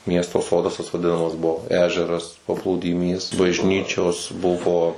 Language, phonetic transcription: Lithuanian, ˈmiesto ˈsodas tas vaˈdinamas ˈbuo ˈežeras paplūdiˈmys bažˈnyčios ˈbuvo

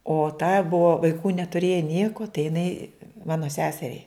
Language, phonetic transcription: Lithuanian, o ta ˈbuvo vaiˈkų netuˈrėja ˈnieko tai jiˈnai ˈmano ˈseseriai

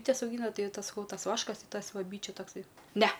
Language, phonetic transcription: Lithuanian, ˈbytes auˈgyna ˈtai ˈtas saˈkau ˈtas ˈvaškas ti ˈtas ˈva ˈbyčių takˈsai ˈne

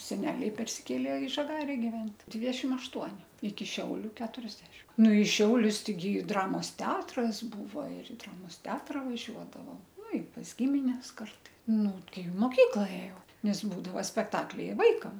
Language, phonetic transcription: Lithuanian, seˈneliai persiˈkėlė i žaˈgare giˈvent' ˈdvidešim ašˈtuoni iki ˈšiauliu ˈketuriasdešim nu i ˈšiaulius teiˈgi ˈdramos ˈteatras ˈbūva ir i ˈdramos ˈteatra vaˈžiuodavo ˈnu i pas ˈgimines ˈkartai ˈnu tei i moˈkykla ˈėjau nes ˈbūdava spekˈtakliai i ˈvaikam

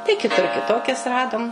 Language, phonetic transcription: Lithuanian, tai kiˈtur kiˈtokias ˈradum

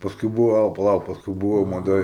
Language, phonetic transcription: Lithuanian, pasˈkui ˈbūvo paˈlauk pasˈkui ˈbūvo maˈdoj

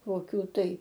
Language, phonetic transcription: Lithuanian, koˈkių tai

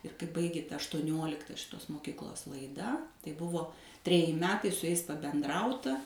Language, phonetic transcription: Lithuanian, ir kai ˈbaigė ˈta aštuoˈniolikta šiˈtos moˈkiklos laiˈda tai ˈbuvo treˈji ˈmetai su jais pabenˈdrauta

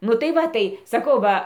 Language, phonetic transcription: Lithuanian, ˈnu tai ˈva tai saˈkau ˈva

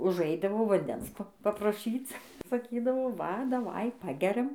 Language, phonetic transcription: Lithuanian, užˈaidavo vanˈdens papraˈšyc saˈkydavo ˈva daˈvai ˈpageriam

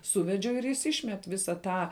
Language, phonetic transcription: Lithuanian, ˈsūvedžiau ir jis ˈyšmet ˈvisa ˈtą

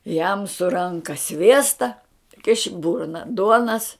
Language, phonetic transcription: Lithuanian, jam su ˈranka ˈsviesta kiš i ˈburna ˈduonas

